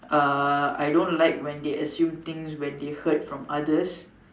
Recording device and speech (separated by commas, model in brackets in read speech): standing microphone, conversation in separate rooms